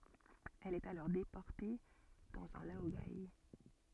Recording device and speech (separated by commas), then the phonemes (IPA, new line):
soft in-ear microphone, read sentence
ɛl ɛt alɔʁ depɔʁte dɑ̃z œ̃ laoɡe